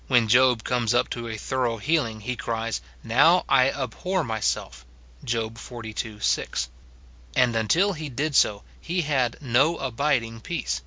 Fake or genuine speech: genuine